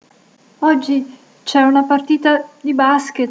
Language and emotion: Italian, fearful